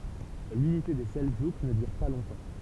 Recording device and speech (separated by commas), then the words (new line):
temple vibration pickup, read sentence
L'unité des Seldjouks ne dure pas longtemps.